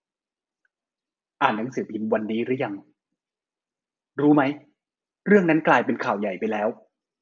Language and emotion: Thai, frustrated